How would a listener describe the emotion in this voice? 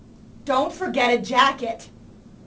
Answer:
angry